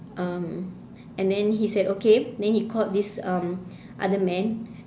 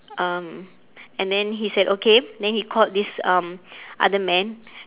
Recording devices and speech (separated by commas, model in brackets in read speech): standing microphone, telephone, conversation in separate rooms